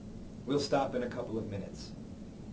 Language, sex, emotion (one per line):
English
male
neutral